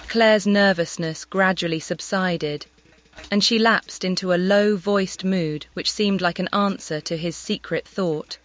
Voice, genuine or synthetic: synthetic